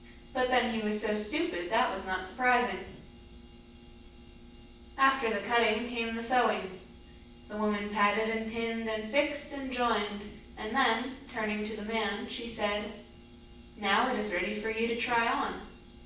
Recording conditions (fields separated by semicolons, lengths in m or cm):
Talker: one person; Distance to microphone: 9.8 m; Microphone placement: far; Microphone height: 1.8 m; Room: large; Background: none